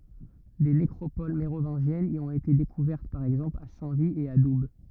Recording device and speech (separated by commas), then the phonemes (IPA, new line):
rigid in-ear microphone, read sentence
de nekʁopol meʁovɛ̃ʒjɛnz i ɔ̃t ete dekuvɛʁt paʁ ɛɡzɑ̃pl a sɛ̃ vi e a dub